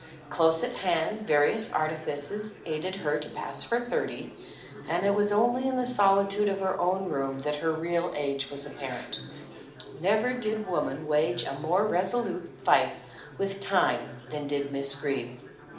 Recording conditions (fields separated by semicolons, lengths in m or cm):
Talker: one person; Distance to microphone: 2.0 m; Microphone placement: close; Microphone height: 99 cm; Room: medium-sized (5.7 m by 4.0 m); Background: babble